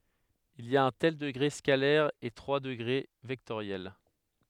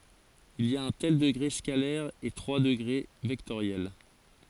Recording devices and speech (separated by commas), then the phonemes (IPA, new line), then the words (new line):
headset microphone, forehead accelerometer, read sentence
il i a œ̃ tɛl dəɡʁe skalɛʁ e tʁwa dəɡʁe vɛktoʁjɛl
Il y a un tel degré scalaire et trois degrés vectoriels.